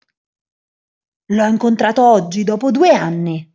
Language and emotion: Italian, angry